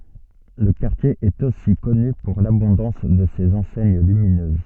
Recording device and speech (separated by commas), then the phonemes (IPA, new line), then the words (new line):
soft in-ear microphone, read sentence
lə kaʁtje ɛt osi kɔny puʁ labɔ̃dɑ̃s də sez ɑ̃sɛɲ lyminøz
Le quartier est aussi connu pour l'abondance de ses enseignes lumineuses.